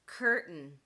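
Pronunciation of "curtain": In 'curtain', the t is replaced by a glottal stop instead of a fully aspirated t sound.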